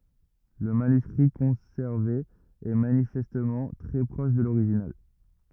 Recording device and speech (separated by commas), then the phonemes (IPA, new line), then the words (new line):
rigid in-ear microphone, read sentence
lə manyskʁi kɔ̃sɛʁve ɛ manifɛstmɑ̃ tʁɛ pʁɔʃ də loʁiʒinal
Le manuscrit conservé est manifestement très proche de l’original.